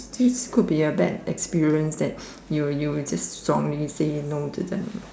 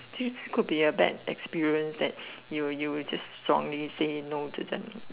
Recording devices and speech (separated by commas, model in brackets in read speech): standing microphone, telephone, conversation in separate rooms